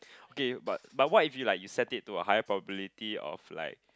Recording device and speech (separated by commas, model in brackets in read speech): close-talking microphone, conversation in the same room